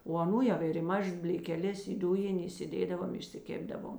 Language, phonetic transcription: Lithuanian, o aˈnų ˈjau ir i ˈmažas blėkeˈles i ˈdujin' įsiˈdėdavom išsiˈkėpdavom

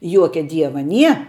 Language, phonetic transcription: Lithuanian, ˈjuokia ˈdieva ˈnie

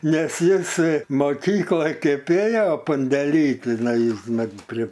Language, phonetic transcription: Lithuanian, ˈnes ˈjis moˈkykloj ˈkaip ˈėjo pandeˈly tiˈnai ˈmat pri

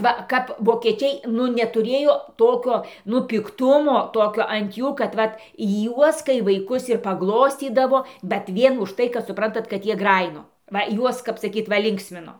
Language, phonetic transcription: Lithuanian, ˈva ˈkap vokieˈčiai ˈnu netuˈrėjo ˈtokio nu pikˈtumo ˈtokio ant ˈjų kad ˈvat ˈjuos kai vaiˈkus ir paˈgloscydavo bet ˈvien už ˈtai kad suˈprantat kad ˈjie ˈgrajino ˈva ˈjuos kap saˈkyt ˈva ˈlinksmino

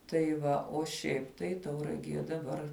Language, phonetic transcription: Lithuanian, tai ˈva o ˈšiaip tai tauraˈgie daˈbar

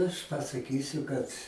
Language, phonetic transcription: Lithuanian, ˈaš pasaˈkysiu ˈkad

